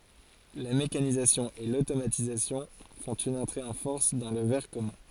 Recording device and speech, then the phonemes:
forehead accelerometer, read sentence
la mekanizasjɔ̃ e lotomatizasjɔ̃ fɔ̃t yn ɑ̃tʁe ɑ̃ fɔʁs dɑ̃ lə vɛʁ kɔmœ̃

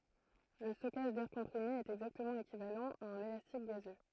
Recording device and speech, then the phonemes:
throat microphone, read sentence
lə stɔkaʒ dɛʁ kɔ̃pʁime ɛt ɛɡzaktəmɑ̃ ekivalɑ̃ a œ̃n elastik ɡazø

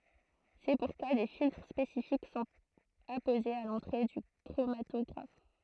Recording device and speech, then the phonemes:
throat microphone, read sentence
sɛ puʁkwa de filtʁ spesifik sɔ̃t apozez a lɑ̃tʁe dy kʁomatɔɡʁaf

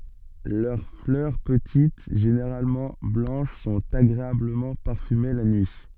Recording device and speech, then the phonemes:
soft in-ear microphone, read sentence
lœʁ flœʁ pətit ʒeneʁalmɑ̃ blɑ̃ʃ sɔ̃t aɡʁeabləmɑ̃ paʁfyme la nyi

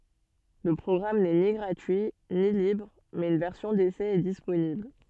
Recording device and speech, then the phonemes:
soft in-ear microphone, read sentence
lə pʁɔɡʁam nɛ ni ɡʁatyi ni libʁ mɛz yn vɛʁsjɔ̃ desɛ ɛ disponibl

